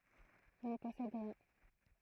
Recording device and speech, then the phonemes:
throat microphone, read sentence
ʒə nə pɔsɛd ʁiɛ̃

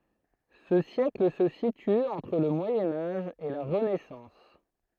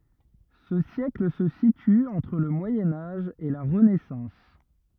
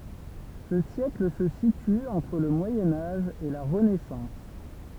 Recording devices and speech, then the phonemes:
throat microphone, rigid in-ear microphone, temple vibration pickup, read sentence
sə sjɛkl sə sity ɑ̃tʁ lə mwajɛ̃ aʒ e la ʁənɛsɑ̃s

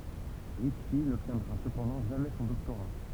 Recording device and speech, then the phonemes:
temple vibration pickup, read sentence
ʁitʃi nɔbtjɛ̃dʁa səpɑ̃dɑ̃ ʒamɛ sɔ̃ dɔktoʁa

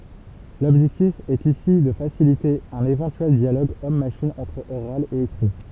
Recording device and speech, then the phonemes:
temple vibration pickup, read sentence
lɔbʒɛktif ɛt isi də fasilite œ̃n evɑ̃tyɛl djaloɡ ɔm maʃin ɑ̃tʁ oʁal e ekʁi

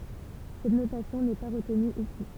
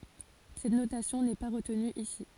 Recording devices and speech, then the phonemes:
temple vibration pickup, forehead accelerometer, read sentence
sɛt notasjɔ̃ nɛ pa ʁətny isi

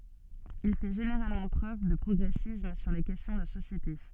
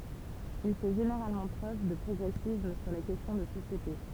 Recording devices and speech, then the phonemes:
soft in-ear microphone, temple vibration pickup, read sentence
il fɛ ʒeneʁalmɑ̃ pʁøv də pʁɔɡʁɛsism syʁ le kɛstjɔ̃ də sosjete

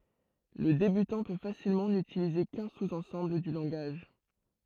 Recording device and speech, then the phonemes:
throat microphone, read sentence
lə debytɑ̃ pø fasilmɑ̃ nytilize kœ̃ suz ɑ̃sɑ̃bl dy lɑ̃ɡaʒ

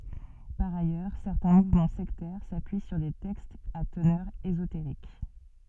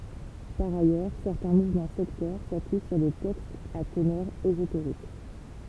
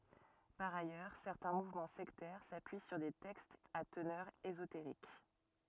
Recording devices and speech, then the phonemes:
soft in-ear microphone, temple vibration pickup, rigid in-ear microphone, read sentence
paʁ ajœʁ sɛʁtɛ̃ muvmɑ̃ sɛktɛʁ sapyi syʁ de tɛkstz a tənœʁ ezoteʁik

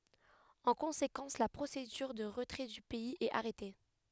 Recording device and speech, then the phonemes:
headset microphone, read sentence
ɑ̃ kɔ̃sekɑ̃s la pʁosedyʁ də ʁətʁɛ dy pɛiz ɛt aʁɛte

